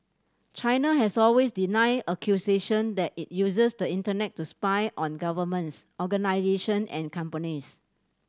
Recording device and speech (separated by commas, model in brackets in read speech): standing microphone (AKG C214), read sentence